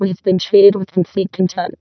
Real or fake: fake